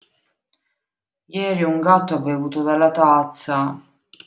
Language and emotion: Italian, sad